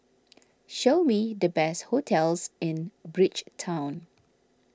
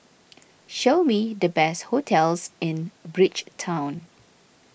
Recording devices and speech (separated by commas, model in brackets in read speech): standing microphone (AKG C214), boundary microphone (BM630), read sentence